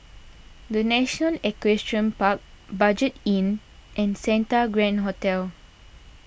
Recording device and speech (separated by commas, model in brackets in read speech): boundary microphone (BM630), read sentence